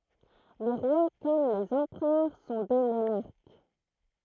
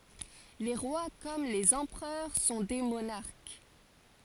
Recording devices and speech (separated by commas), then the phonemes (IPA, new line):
throat microphone, forehead accelerometer, read sentence
le ʁwa kɔm lez ɑ̃pʁœʁ sɔ̃ de monaʁk